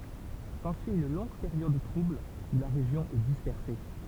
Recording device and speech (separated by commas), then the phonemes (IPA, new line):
temple vibration pickup, read sentence
sɑ̃syi yn lɔ̃ɡ peʁjɔd tʁubl u la ʁeʒjɔ̃ ɛ dispɛʁse